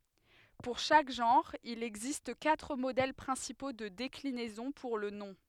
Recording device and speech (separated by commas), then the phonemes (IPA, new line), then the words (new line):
headset microphone, read sentence
puʁ ʃak ʒɑ̃ʁ il ɛɡzist katʁ modɛl pʁɛ̃sipo də deklinɛzɔ̃ puʁ lə nɔ̃
Pour chaque genre, il existe quatre modèles principaux de déclinaison pour le nom.